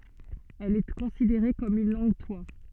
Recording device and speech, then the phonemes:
soft in-ear microphone, read sentence
ɛl ɛ kɔ̃sideʁe kɔm yn lɑ̃ɡtwa

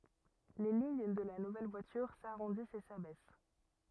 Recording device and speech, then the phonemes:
rigid in-ear microphone, read sentence
le liɲ də la nuvɛl vwatyʁ saʁɔ̃dist e sabɛs

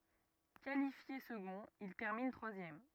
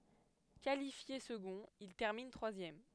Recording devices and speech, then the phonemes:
rigid in-ear microphone, headset microphone, read sentence
kalifje səɡɔ̃t il tɛʁmin tʁwazjɛm

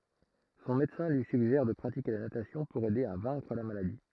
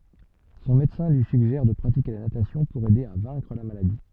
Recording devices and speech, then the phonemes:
throat microphone, soft in-ear microphone, read sentence
sɔ̃ medəsɛ̃ lyi syɡʒɛʁ də pʁatike la natasjɔ̃ puʁ ɛde a vɛ̃kʁ la maladi

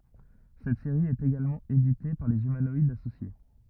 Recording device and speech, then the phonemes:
rigid in-ear microphone, read sentence
sɛt seʁi ɛt eɡalmɑ̃ edite paʁ lez ymanɔidz asosje

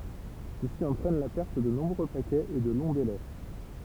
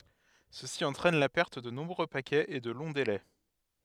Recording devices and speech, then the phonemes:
temple vibration pickup, headset microphone, read sentence
səsi ɑ̃tʁɛn la pɛʁt də nɔ̃bʁø pakɛz e də lɔ̃ delɛ

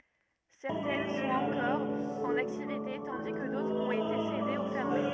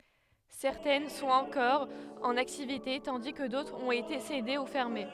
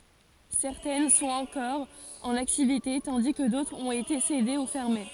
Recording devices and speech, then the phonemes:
rigid in-ear microphone, headset microphone, forehead accelerometer, read sentence
sɛʁtɛn sɔ̃t ɑ̃kɔʁ ɑ̃n aktivite tɑ̃di kə dotʁz ɔ̃t ete sede u fɛʁme

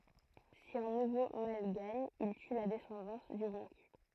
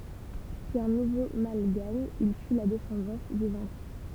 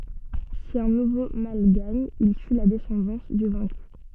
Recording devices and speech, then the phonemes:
throat microphone, temple vibration pickup, soft in-ear microphone, read sentence
si œ̃ nuvo mal ɡaɲ il ty la dɛsɑ̃dɑ̃s dy vɛ̃ky

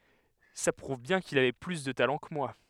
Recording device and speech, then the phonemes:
headset microphone, read sentence
sa pʁuv bjɛ̃ kil avɛ ply də talɑ̃ kə mwa

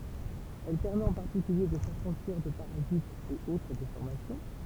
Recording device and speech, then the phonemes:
temple vibration pickup, read sentence
ɛl pɛʁmɛt ɑ̃ paʁtikylje də safʁɑ̃ʃiʁ də paʁazitz e otʁ defɔʁmasjɔ̃

